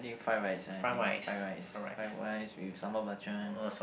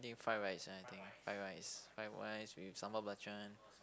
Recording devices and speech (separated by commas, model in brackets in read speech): boundary microphone, close-talking microphone, conversation in the same room